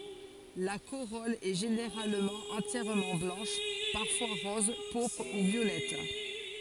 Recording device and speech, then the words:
forehead accelerometer, read sentence
La corolle est généralement entièrement blanche, parfois rose, pourpre ou violette.

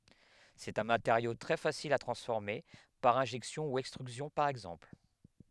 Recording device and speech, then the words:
headset microphone, read sentence
C'est un matériau très facile à transformer, par injection ou extrusion par exemple.

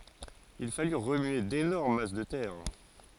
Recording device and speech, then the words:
forehead accelerometer, read sentence
Il fallut remuer d'énormes masses de terre.

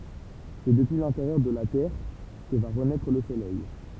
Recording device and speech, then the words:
temple vibration pickup, read sentence
C'est depuis l'intérieur de la Terre que va renaître le soleil.

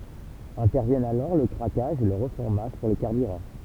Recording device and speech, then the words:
temple vibration pickup, read sentence
Interviennent alors le craquage et le reformage pour les carburants.

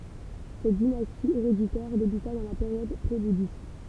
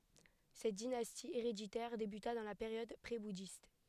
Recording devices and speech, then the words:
temple vibration pickup, headset microphone, read sentence
Cette dynastie héréditaire débuta dans la période prébouddhiste.

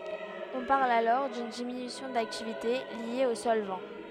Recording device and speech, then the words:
headset microphone, read sentence
On parle alors d'une diminution d'activité liée au solvant.

